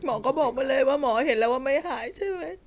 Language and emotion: Thai, sad